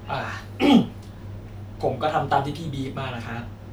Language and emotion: Thai, frustrated